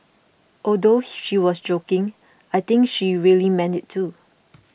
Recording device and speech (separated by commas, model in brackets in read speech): boundary microphone (BM630), read sentence